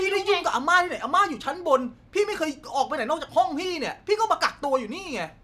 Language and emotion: Thai, angry